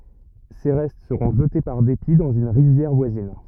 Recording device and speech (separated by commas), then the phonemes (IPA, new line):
rigid in-ear microphone, read sentence
se ʁɛst səʁɔ̃ ʒəte paʁ depi dɑ̃z yn ʁivjɛʁ vwazin